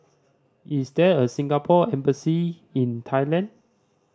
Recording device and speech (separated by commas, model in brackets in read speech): standing microphone (AKG C214), read sentence